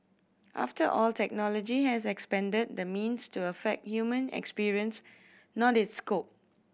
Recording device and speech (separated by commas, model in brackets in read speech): boundary microphone (BM630), read sentence